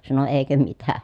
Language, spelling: Finnish, sanoi eikö mitä
- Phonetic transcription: sano » èikö mitä ! »

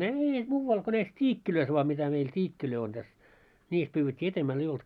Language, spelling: Finnish, ei muualla kuin näissä tiikeissä vain mitä meillä tiikkejä on tässä niissä pyydettiin edemmällä ei ollut
- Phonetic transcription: eei 'muuwwal ko näis 't́iikkilöis voa mitä meil 't́iikkilöi on täs , 'niis pyywwet́t́i , 'etemmäl ei olt .

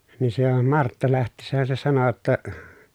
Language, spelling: Finnish, niin se jo Martta lähtiessään se sanoi jotta
- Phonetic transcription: nin se jo Martta läht̀iissähän̬ se sano [j]otta ,.

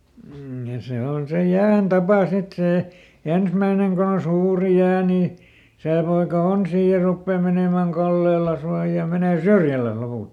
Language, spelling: Finnish, ja se on se jään tapa sitten se ensimmäinen kun on suuri jää niin se poika on siinä ja rupeaa menemään kallellensa ja menee syrjällensä lopulta
- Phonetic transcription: ja ˈse on se ˈjään "tapa ˈsit ˈsè , ˈensmäineŋ ko on "suuri ˈjää ni , ˈsè poika ˈon sii ja ˈruppee menèmä̀ŋ "kallellas ja ˈmenè "syrjäläs ˈlopult .

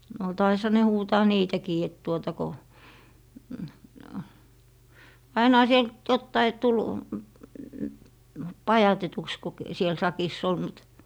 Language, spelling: Finnish, no taisihan ne huutaa niitäkin että tuota kun ainahan siellä nyt jotakin tuli pajatetuksi kun - siellä sakissa oli mutta
- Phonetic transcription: no 'taisha ne 'huutaa "niitäkii et tuota ko , 'ainaha siel (nyt) 'jottai 'tul , 'pajatetuks ku k - siel 'sakiss ‿ol mut ,.

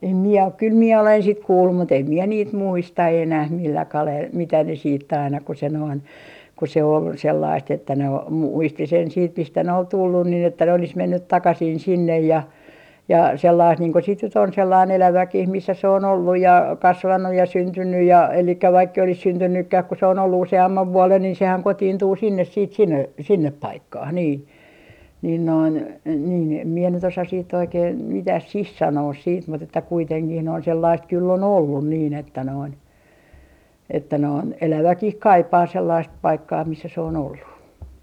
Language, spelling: Finnish, en minä ole kyllä minä olen sitten kuullut mutta en minä niitä muista enää millä kalella mitä ne sitten aina kun se noin kun se oli sellaista että ne - - muisti sen sitten mistä ne oli tullut niin että ne olisi mennyt takaisin sinne ja ja sellaista niin kuin sitten nyt on sellainen eläväkin missä se on ollut ja kasvanut ja syntynyt ja eli vaikka ei olisi syntynytkään kun se on ollut useamman vuoden niin sehän kotiintuu sinne sitten sinne sinne paikkaan niin niin noin niin en minä nyt osaisi sitten oikein mitä siihen sanoisi sitten mutta että kuitenkin noin sellaista kyllä oli ollut niin että noin että noin eläväkin kaipaa sellaista paikkaa missä se on ollut
- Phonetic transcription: em mie ok 'kyl mie olen sit 'kuullum mut ‿em mie niit "muista 'enäh 'millä 'kalel , 'mitä ne siit't ‿aina ku se noin , ku se ol 'sellaist että ne o- , mu - 'muisti sen siit 'mistä ne ol "tullun nin ‿että ne olis 'mennyt "takasin 'sinnej ja , ja 'sellaist niiŋ ko sit nyt ‿on 'sellain "eläväkih missä se on 'olluj ja , 'kasvannuj ja 'syntynnyj ja elikkä vaikk ‿ei olis 'syntynnykkäh ku se on ollu 'use₍ammav "vuolen niin sehän 'kotiintuu sinnes siit sinne , 'sinnep "paikkah nii , nin noin , nii em mie nyt osas siitt ‿oikeen , 'mitä "sih 'sanoos siit mut ‿että 'kuiteŋkih noin sellaist kyl'l ‿ol "ollun niin ‿että noin , että noin , 'eläväkih "kaipaa 'sellaist 'paikkaa "missä se on ollu .

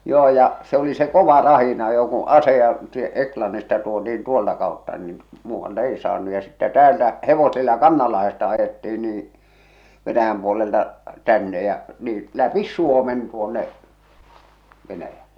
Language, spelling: Finnish, joo ja se oli se kova rahdinajo kun aseita - Englannista tuotiin tuolta kautta niin muualta ei saanut ja sitten täältä hevosilla Kannanlahdesta ajettiin niin Venäjän puolelta tänne ja niin läpi Suomen tuonne Venäjälle
- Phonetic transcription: 'joo ja , se oli se "kova "rahinajo ku , "aseja sie- , "Eklannista tuoti₍in "tuolta kàotta niin , muuvvaltᵃ 'ei saannu ja sittä "täältä , 'hevosilla "Kannallahesta ajettiin niiḭ , Venäjäm puolelta , "tänne jä , niiḭ 'läpis "Suomen tuonne , 'Venäjälle .

